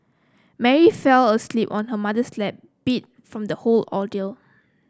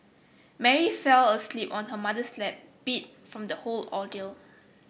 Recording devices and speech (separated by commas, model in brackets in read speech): close-talking microphone (WH30), boundary microphone (BM630), read sentence